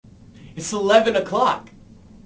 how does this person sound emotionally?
happy